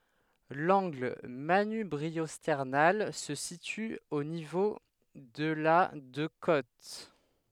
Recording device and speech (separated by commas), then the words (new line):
headset microphone, read sentence
L'angle manubriosternal se situe au niveau de la de côtes.